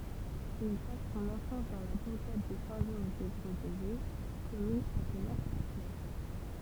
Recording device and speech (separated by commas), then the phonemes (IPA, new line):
temple vibration pickup, read sentence
il pas sɔ̃n ɑ̃fɑ̃s dɑ̃ la buʁɡad də sɛ̃ ʒɔʁʒ de ɡʁozɛje kɔmyn atnɑ̃t a fle